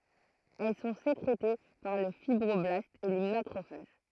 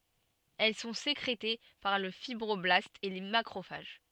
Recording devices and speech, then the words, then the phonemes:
throat microphone, soft in-ear microphone, read sentence
Elles sont sécrétées par le fibroblastes et les macrophages.
ɛl sɔ̃ sekʁete paʁ lə fibʁɔblastz e le makʁofaʒ

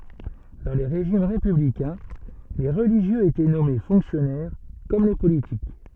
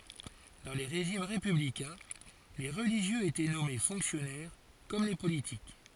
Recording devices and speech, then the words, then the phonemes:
soft in-ear microphone, forehead accelerometer, read sentence
Dans les régimes républicains, les religieux étaient nommés fonctionnaires, comme les politiques.
dɑ̃ le ʁeʒim ʁepyblikɛ̃ le ʁəliʒjøz etɛ nɔme fɔ̃ksjɔnɛʁ kɔm le politik

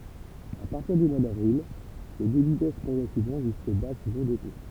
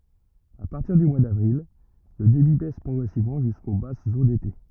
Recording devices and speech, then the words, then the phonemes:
temple vibration pickup, rigid in-ear microphone, read sentence
À partir du mois d'avril, le débit baisse progressivement jusqu'aux basses eaux d'été.
a paʁtiʁ dy mwa davʁil lə debi bɛs pʁɔɡʁɛsivmɑ̃ ʒysko basz o dete

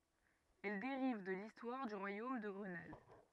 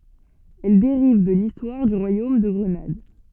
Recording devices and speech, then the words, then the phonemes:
rigid in-ear microphone, soft in-ear microphone, read sentence
Elle dérive de l'histoire du royaume de Grenade.
ɛl deʁiv də listwaʁ dy ʁwajom də ɡʁənad

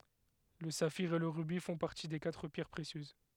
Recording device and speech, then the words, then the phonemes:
headset microphone, read sentence
Le saphir et le rubis font partie des quatre pierres précieuses.
lə safiʁ e lə ʁybi fɔ̃ paʁti de katʁ pjɛʁ pʁesjøz

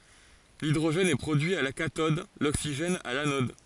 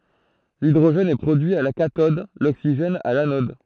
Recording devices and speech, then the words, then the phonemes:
forehead accelerometer, throat microphone, read sentence
L'hydrogène est produit à la cathode, l'oxygène à l'anode.
lidʁoʒɛn ɛ pʁodyi a la katɔd loksiʒɛn a lanɔd

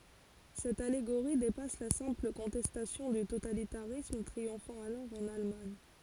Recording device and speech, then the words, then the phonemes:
forehead accelerometer, read sentence
Cette allégorie dépasse la simple contestation du totalitarisme triomphant alors en Allemagne.
sɛt aleɡoʁi depas la sɛ̃pl kɔ̃tɛstasjɔ̃ dy totalitaʁism tʁiɔ̃fɑ̃ alɔʁ ɑ̃n almaɲ

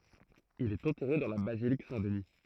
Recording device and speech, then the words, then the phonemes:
throat microphone, read sentence
Il est enterré dans la basilique Saint-Denis.
il ɛt ɑ̃tɛʁe dɑ̃ la bazilik sɛ̃tdni

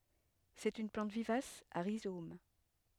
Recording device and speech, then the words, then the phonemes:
headset microphone, read sentence
C'est une plante vivace à rhizomes.
sɛt yn plɑ̃t vivas a ʁizom

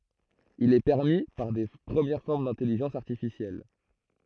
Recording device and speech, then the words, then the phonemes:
throat microphone, read sentence
Il est permis par de premières formes d'intelligence artificielle.
il ɛ pɛʁmi paʁ də pʁəmjɛʁ fɔʁm dɛ̃tɛliʒɑ̃s aʁtifisjɛl

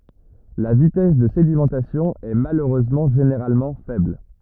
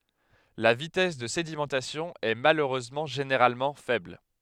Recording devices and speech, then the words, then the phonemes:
rigid in-ear microphone, headset microphone, read sentence
La vitesse de sédimentation est malheureusement généralement faible.
la vitɛs də sedimɑ̃tasjɔ̃ ɛ maløʁøzmɑ̃ ʒeneʁalmɑ̃ fɛbl

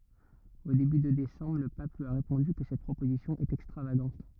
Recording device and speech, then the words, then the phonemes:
rigid in-ear microphone, read sentence
Au début de décembre, le pape lui a répondu que cette proposition est extravagante.
o deby də desɑ̃bʁ lə pap lyi a ʁepɔ̃dy kə sɛt pʁopozisjɔ̃ ɛt ɛkstʁavaɡɑ̃t

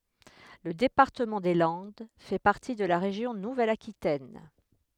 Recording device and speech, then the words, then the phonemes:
headset microphone, read sentence
Le département des Landes fait partie de la région Nouvelle-Aquitaine.
lə depaʁtəmɑ̃ de lɑ̃d fɛ paʁti də la ʁeʒjɔ̃ nuvɛl akitɛn

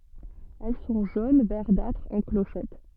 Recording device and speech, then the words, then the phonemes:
soft in-ear microphone, read sentence
Elles sont jaune verdâtre, en clochettes.
ɛl sɔ̃ ʒon vɛʁdatʁ ɑ̃ kloʃɛt

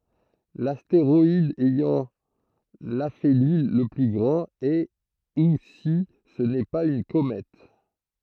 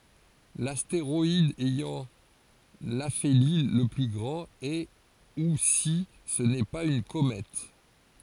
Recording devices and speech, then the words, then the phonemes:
throat microphone, forehead accelerometer, read sentence
L’astéroïde ayant l’aphélie le plus grand, est ou si ce n'est pas une comète.
lasteʁɔid ɛjɑ̃ lafeli lə ply ɡʁɑ̃t ɛ u si sə nɛ paz yn komɛt

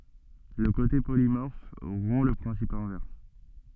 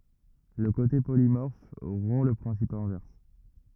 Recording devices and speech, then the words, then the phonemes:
soft in-ear microphone, rigid in-ear microphone, read sentence
Le côté polymorphe rompt le principe inverse.
lə kote polimɔʁf ʁɔ̃ lə pʁɛ̃sip ɛ̃vɛʁs

